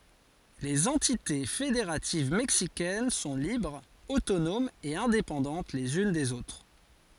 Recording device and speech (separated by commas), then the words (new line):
forehead accelerometer, read sentence
Les entités fédératives mexicaines sont libres, autonomes et indépendantes les unes des autres.